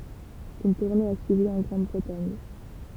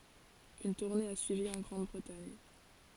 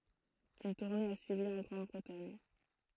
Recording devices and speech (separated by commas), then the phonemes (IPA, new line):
temple vibration pickup, forehead accelerometer, throat microphone, read sentence
yn tuʁne a syivi ɑ̃ ɡʁɑ̃dbʁətaɲ